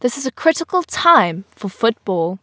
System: none